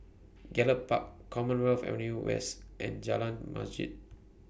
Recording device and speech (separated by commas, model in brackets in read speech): boundary microphone (BM630), read sentence